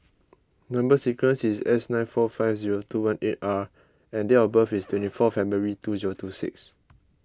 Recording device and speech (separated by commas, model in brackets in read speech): close-talking microphone (WH20), read sentence